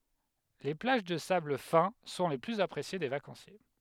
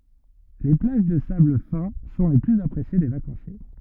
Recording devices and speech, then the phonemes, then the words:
headset microphone, rigid in-ear microphone, read sentence
le plaʒ də sabl fɛ̃ sɔ̃ le plyz apʁesje de vakɑ̃sje
Les plages de sable fin sont les plus appréciées des vacanciers.

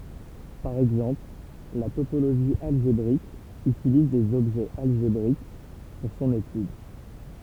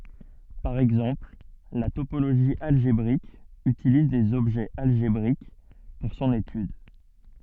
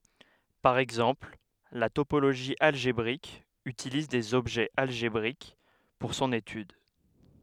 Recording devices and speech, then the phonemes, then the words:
temple vibration pickup, soft in-ear microphone, headset microphone, read sentence
paʁ ɛɡzɑ̃pl la topoloʒi alʒebʁik ytiliz dez ɔbʒɛz alʒebʁik puʁ sɔ̃n etyd
Par exemple, la topologie algébrique utilise des objets algébriques pour son étude.

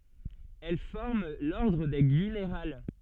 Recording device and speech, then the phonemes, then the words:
soft in-ear microphone, read sentence
ɛl fɔʁm lɔʁdʁ de ɡynʁal
Elles forment l'ordre des Gunnerales.

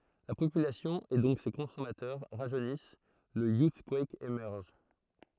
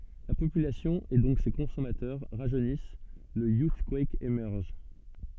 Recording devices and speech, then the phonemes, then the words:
throat microphone, soft in-ear microphone, read sentence
la popylasjɔ̃ e dɔ̃k se kɔ̃sɔmatœʁ ʁaʒønis lə juskwɛk emɛʁʒ
La population, et donc ses consommateurs, rajeunissent, le Youthquake émerge.

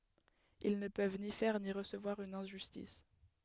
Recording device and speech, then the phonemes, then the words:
headset microphone, read sentence
il nə pøv ni fɛʁ ni ʁəsəvwaʁ yn ɛ̃ʒystis
Ils ne peuvent ni faire ni recevoir une injustice.

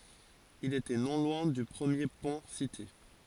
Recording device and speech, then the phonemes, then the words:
forehead accelerometer, read sentence
il etɛ nɔ̃ lwɛ̃ dy pʁəmje pɔ̃ site
Il était non loin du premier pont cité.

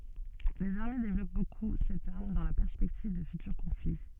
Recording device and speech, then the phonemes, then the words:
soft in-ear microphone, read sentence
lez aʁme devlɔp boku sɛt aʁm dɑ̃ la pɛʁspɛktiv də fytyʁ kɔ̃fli
Les armées développent beaucoup cette arme, dans la perspective de futurs conflits.

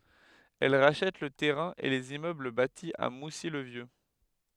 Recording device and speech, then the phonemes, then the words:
headset microphone, read sentence
ɛl ʁaʃɛt lə tɛʁɛ̃ e lez immøbl bati a musi lə vjø
Elle rachète le terrain et les immeubles bâtis à Moussy le Vieux.

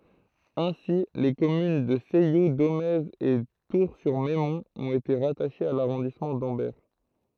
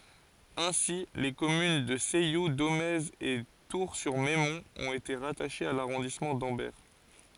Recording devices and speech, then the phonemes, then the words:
throat microphone, forehead accelerometer, read sentence
ɛ̃si le kɔmyn də sɛju domɛz e tuʁsyʁmɛmɔ̃t ɔ̃t ete ʁataʃez a laʁɔ̃dismɑ̃ dɑ̃bɛʁ
Ainsi, les communes de Ceilloux, Domaize et Tours-sur-Meymont ont été rattachées à l'arrondissement d'Ambert.

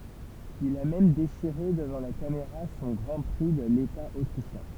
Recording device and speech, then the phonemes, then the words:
temple vibration pickup, read sentence
il a mɛm deʃiʁe dəvɑ̃ la kameʁa sɔ̃ ɡʁɑ̃ pʁi də leta otʁiʃjɛ̃
Il a même déchiré devant la caméra son Grand Prix de l’État autrichien.

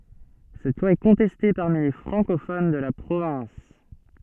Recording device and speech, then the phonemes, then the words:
soft in-ear microphone, read sentence
sɛt lwa ɛ kɔ̃tɛste paʁmi le fʁɑ̃kofon də la pʁovɛ̃s
Cette loi est contestée parmi les francophones de la province.

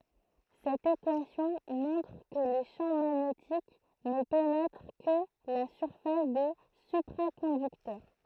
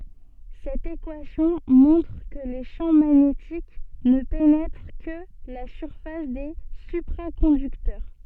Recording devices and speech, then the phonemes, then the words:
throat microphone, soft in-ear microphone, read sentence
sɛt ekwasjɔ̃ mɔ̃tʁ kə le ʃɑ̃ maɲetik nə penɛtʁ kə la syʁfas de sypʁakɔ̃dyktœʁ
Cette équation montre que les champs magnétiques ne pénètrent que la surface des supraconducteurs.

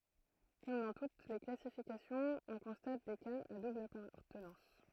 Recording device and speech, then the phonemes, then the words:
throat microphone, read sentence
kɔm dɑ̃ tut le klasifikasjɔ̃z ɔ̃ kɔ̃stat de kaz a dubl apaʁtənɑ̃s
Comme dans toutes les classifications, on constate des cas à double appartenance.

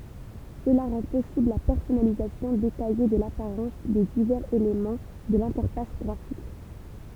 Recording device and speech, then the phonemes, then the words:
temple vibration pickup, read sentence
səla ʁɑ̃ pɔsibl la pɛʁsɔnalizasjɔ̃ detaje də lapaʁɑ̃s de divɛʁz elemɑ̃ də lɛ̃tɛʁfas ɡʁafik
Cela rend possible la personnalisation détaillée de l'apparence des divers éléments de l'interface graphique.

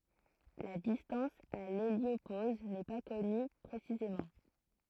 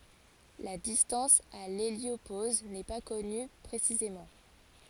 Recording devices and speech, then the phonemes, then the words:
throat microphone, forehead accelerometer, read sentence
la distɑ̃s a leljopoz nɛ pa kɔny pʁesizemɑ̃
La distance à l'héliopause n'est pas connue précisément.

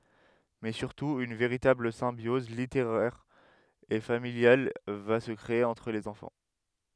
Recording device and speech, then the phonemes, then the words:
headset microphone, read sentence
mɛ syʁtu yn veʁitabl sɛ̃bjɔz liteʁɛʁ e familjal va sə kʁee ɑ̃tʁ lez ɑ̃fɑ̃
Mais surtout, une véritable symbiose littéraire et familiale va se créer entre les enfants.

